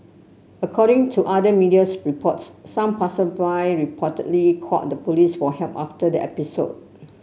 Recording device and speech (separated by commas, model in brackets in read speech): mobile phone (Samsung C7), read sentence